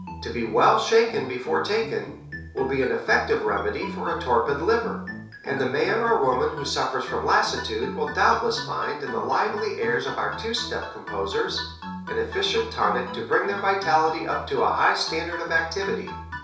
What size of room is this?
A small space (about 3.7 m by 2.7 m).